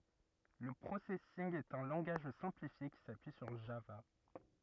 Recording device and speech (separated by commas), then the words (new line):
rigid in-ear microphone, read sentence
Le Processing est un langage simplifié qui s'appuie sur Java.